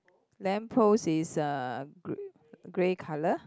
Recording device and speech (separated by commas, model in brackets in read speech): close-talking microphone, conversation in the same room